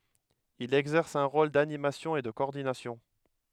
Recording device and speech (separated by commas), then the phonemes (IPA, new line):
headset microphone, read sentence
il ɛɡzɛʁs œ̃ ʁol danimasjɔ̃ e də kɔɔʁdinasjɔ̃